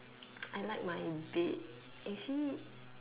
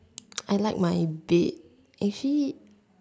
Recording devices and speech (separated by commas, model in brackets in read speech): telephone, standing microphone, conversation in separate rooms